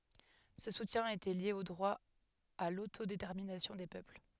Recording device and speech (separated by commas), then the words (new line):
headset microphone, read sentence
Ce soutien était lié au droit à l'autodétermination des peuples.